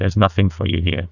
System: TTS, neural waveform model